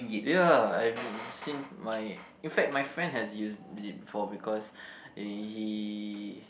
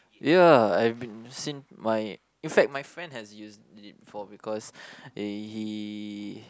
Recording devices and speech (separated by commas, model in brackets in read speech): boundary microphone, close-talking microphone, conversation in the same room